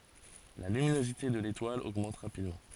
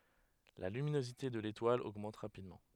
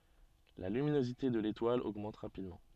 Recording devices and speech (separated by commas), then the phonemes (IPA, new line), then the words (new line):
forehead accelerometer, headset microphone, soft in-ear microphone, read sentence
la lyminozite də letwal oɡmɑ̃t ʁapidmɑ̃
La luminosité de l'étoile augmente rapidement.